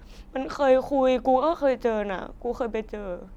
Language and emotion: Thai, sad